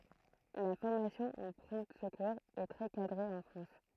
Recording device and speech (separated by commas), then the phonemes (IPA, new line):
throat microphone, read sentence
la fɔʁmasjɔ̃ o pʁɔ̃ səkuʁz ɛ tʁɛ kadʁe ɑ̃ fʁɑ̃s